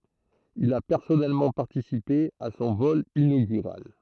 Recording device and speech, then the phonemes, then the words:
throat microphone, read sentence
il a pɛʁsɔnɛlmɑ̃ paʁtisipe a sɔ̃ vɔl inoɡyʁal
Il a personnellement participé à son vol inaugural.

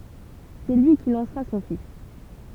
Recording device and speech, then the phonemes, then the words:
temple vibration pickup, read sentence
sɛ lyi ki lɑ̃sʁa sɔ̃ fis
C’est lui qui lancera son fils.

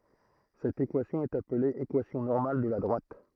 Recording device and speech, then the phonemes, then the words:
throat microphone, read sentence
sɛt ekwasjɔ̃ ɛt aple ekwasjɔ̃ nɔʁmal də la dʁwat
Cette équation est appelée équation normale de la droite.

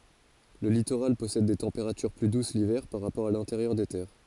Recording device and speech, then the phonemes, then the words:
forehead accelerometer, read sentence
lə litoʁal pɔsɛd de tɑ̃peʁatyʁ ply dus livɛʁ paʁ ʁapɔʁ a lɛ̃teʁjœʁ de tɛʁ
Le littoral possède des températures plus douces l’hiver par rapport à l’intérieur des terres.

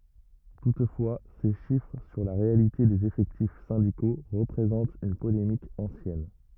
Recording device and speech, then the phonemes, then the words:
rigid in-ear microphone, read sentence
tutfwa se ʃifʁ syʁ la ʁealite dez efɛktif sɛ̃diko ʁəpʁezɑ̃t yn polemik ɑ̃sjɛn
Toutefois ces chiffres sur la réalité des effectifs syndicaux représente une polémique ancienne.

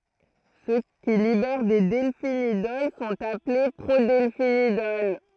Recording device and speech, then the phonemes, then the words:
throat microphone, read sentence
sø ki libɛʁ de dɛlfinidɔl sɔ̃t aple pʁodɛlfinidɔl
Ceux qui libèrent des delphinidols sont appelés prodelphinidols.

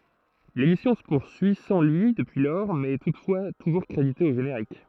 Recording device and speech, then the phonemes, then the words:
throat microphone, read sentence
lemisjɔ̃ sə puʁsyi sɑ̃ lyi dəpyi lɔʁ mɛz ɛ tutfwa tuʒuʁ kʁedite o ʒeneʁik
L'émission se poursuit sans lui depuis lors mais est toutefois toujours crédité au générique.

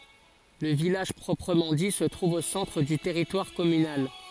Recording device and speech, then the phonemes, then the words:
forehead accelerometer, read sentence
lə vilaʒ pʁɔpʁəmɑ̃ di sə tʁuv o sɑ̃tʁ dy tɛʁitwaʁ kɔmynal
Le village proprement dit se trouve au centre du territoire communal.

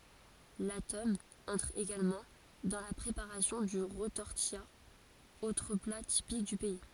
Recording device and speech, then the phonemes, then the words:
forehead accelerometer, read sentence
la tɔm ɑ̃tʁ eɡalmɑ̃ dɑ̃ la pʁepaʁasjɔ̃ dy ʁətɔʁtija otʁ pla tipik dy pɛi
La tome entre également dans la préparation du retortillat, autre plat typique du pays.

